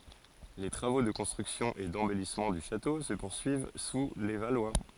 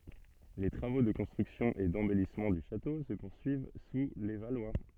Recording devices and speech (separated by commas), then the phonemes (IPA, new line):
forehead accelerometer, soft in-ear microphone, read sentence
le tʁavo də kɔ̃stʁyksjɔ̃ e dɑ̃bɛlismɑ̃ dy ʃato sə puʁsyiv su le valwa